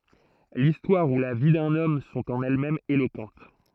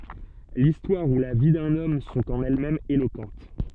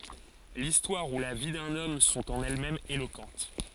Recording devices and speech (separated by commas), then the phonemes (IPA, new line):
throat microphone, soft in-ear microphone, forehead accelerometer, read sentence
listwaʁ u la vi dœ̃n ɔm sɔ̃t ɑ̃n ɛlɛsmɛmz elokɑ̃t